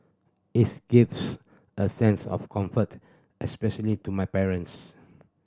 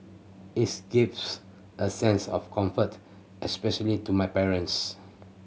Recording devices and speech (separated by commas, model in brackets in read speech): standing microphone (AKG C214), mobile phone (Samsung C7100), read sentence